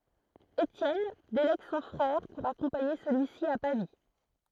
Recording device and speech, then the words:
throat microphone, read sentence
Étienne délègue son frère pour accompagner celui-ci à Pavie.

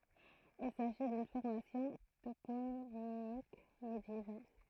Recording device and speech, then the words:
throat microphone, read sentence
Il s'agit d'une formation toponymique médiévale.

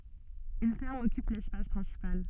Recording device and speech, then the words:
soft in-ear microphone, read sentence
Une ferme occupe l'espace principal.

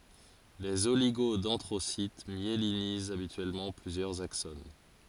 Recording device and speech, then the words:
forehead accelerometer, read sentence
Les oligodendrocytes myélinisent habituellement plusieurs axones.

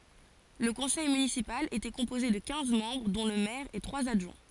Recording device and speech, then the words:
forehead accelerometer, read sentence
Le conseil municipal était composé de quinze membres, dont le maire et trois adjoints.

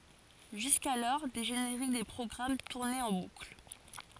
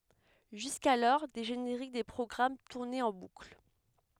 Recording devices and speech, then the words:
forehead accelerometer, headset microphone, read sentence
Jusqu'alors, des génériques des programmes tournaient en boucle.

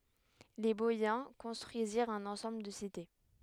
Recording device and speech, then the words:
headset microphone, read sentence
Les Boïens construisirent un ensemble de cités.

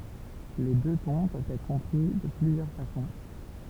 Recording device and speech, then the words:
temple vibration pickup, read sentence
Les deux tons peuvent être compris de plusieurs façons.

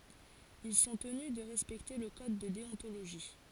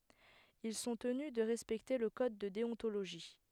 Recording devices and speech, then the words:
forehead accelerometer, headset microphone, read sentence
Ils sont tenus de respecter le code de déontologie.

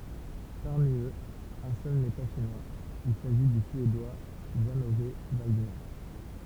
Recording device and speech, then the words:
temple vibration pickup, read sentence
Parmi eux, un seul n'est pas Chinois, il s'agit du Suédois Jan-Ove Waldner.

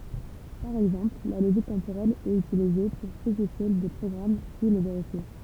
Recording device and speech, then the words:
temple vibration pickup, read sentence
Par exemple, la logique temporelle est utilisée pour spécifier des programmes puis les vérifier.

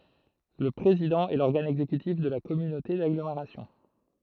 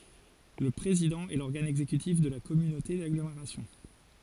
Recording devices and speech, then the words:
throat microphone, forehead accelerometer, read sentence
Le président est l’organe exécutif de la communauté d'agglomération.

